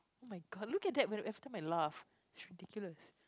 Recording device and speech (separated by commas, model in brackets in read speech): close-talking microphone, conversation in the same room